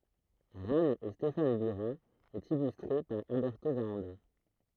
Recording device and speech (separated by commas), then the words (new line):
throat microphone, read sentence
Ranne et Stéphane Bura, et illustré par Alberto Varanda.